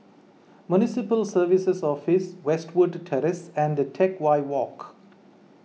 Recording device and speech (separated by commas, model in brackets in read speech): mobile phone (iPhone 6), read sentence